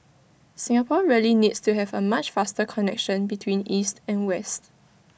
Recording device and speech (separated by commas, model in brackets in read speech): boundary microphone (BM630), read sentence